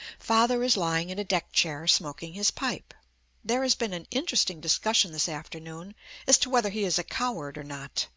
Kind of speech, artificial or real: real